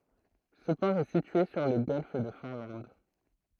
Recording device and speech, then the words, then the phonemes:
throat microphone, read sentence
Ce port est situé sur le Golfe de Finlande.
sə pɔʁ ɛ sitye syʁ lə ɡɔlf də fɛ̃lɑ̃d

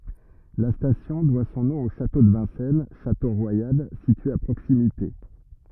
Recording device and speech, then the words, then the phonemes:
rigid in-ear microphone, read sentence
La station doit son nom au château de Vincennes, château royal, situé à proximité.
la stasjɔ̃ dwa sɔ̃ nɔ̃ o ʃato də vɛ̃sɛn ʃato ʁwajal sitye a pʁoksimite

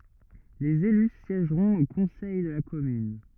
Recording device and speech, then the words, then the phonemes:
rigid in-ear microphone, read sentence
Les élus siègeront au Conseil de la Commune.
lez ely sjɛʒʁɔ̃t o kɔ̃sɛj də la kɔmyn

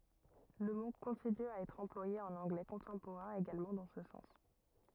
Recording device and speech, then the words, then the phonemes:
rigid in-ear microphone, read sentence
Le mot continue à être employé en anglais contemporain également dans ce sens.
lə mo kɔ̃tiny a ɛtʁ ɑ̃plwaje ɑ̃n ɑ̃ɡlɛ kɔ̃tɑ̃poʁɛ̃ eɡalmɑ̃ dɑ̃ sə sɑ̃s

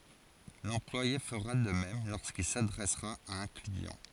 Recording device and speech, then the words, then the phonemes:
forehead accelerometer, read sentence
L'employé fera de même lorsqu'il s'adressera à un client.
lɑ̃plwaje fəʁa də mɛm loʁskil sadʁɛsʁa a œ̃ kliɑ̃

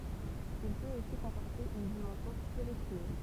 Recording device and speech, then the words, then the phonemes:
temple vibration pickup, read sentence
Il peut aussi comporter une dimension spirituelle.
il pøt osi kɔ̃pɔʁte yn dimɑ̃sjɔ̃ spiʁityɛl

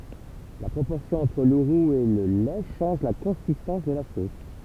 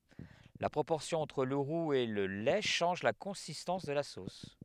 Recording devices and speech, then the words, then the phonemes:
temple vibration pickup, headset microphone, read sentence
La proportion entre le roux et le lait change la consistance de la sauce.
la pʁopɔʁsjɔ̃ ɑ̃tʁ lə ʁuz e lə lɛ ʃɑ̃ʒ la kɔ̃sistɑ̃s də la sos

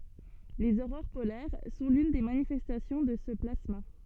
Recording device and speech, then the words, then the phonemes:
soft in-ear microphone, read sentence
Les aurores polaires sont l'une des manifestations de ce plasma.
lez oʁoʁ polɛʁ sɔ̃ lyn de manifɛstasjɔ̃ də sə plasma

